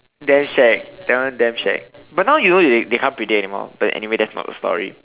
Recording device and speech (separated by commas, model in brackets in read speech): telephone, conversation in separate rooms